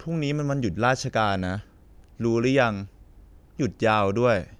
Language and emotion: Thai, neutral